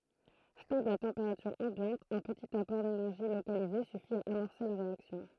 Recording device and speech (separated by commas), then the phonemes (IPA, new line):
throat microphone, read sentence
stabl a tɑ̃peʁatyʁ ɑ̃bjɑ̃t œ̃ pətit apɔʁ denɛʁʒi lokalize syfi a amɔʁse la ʁeaksjɔ̃